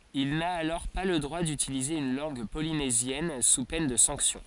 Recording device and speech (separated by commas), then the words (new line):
forehead accelerometer, read sentence
Il n'a alors pas le droit d'utiliser une langue polynésienne sous peine de sanction.